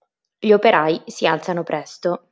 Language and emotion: Italian, neutral